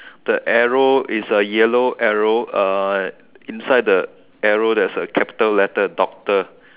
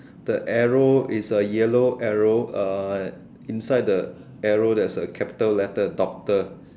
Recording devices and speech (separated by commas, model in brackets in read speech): telephone, standing microphone, conversation in separate rooms